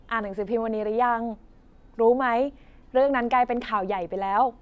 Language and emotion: Thai, neutral